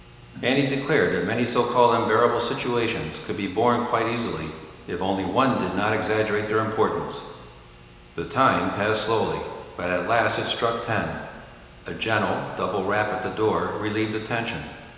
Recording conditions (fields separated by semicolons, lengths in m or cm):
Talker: one person; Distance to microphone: 1.7 m; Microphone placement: close; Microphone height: 1.0 m; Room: very reverberant, large; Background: television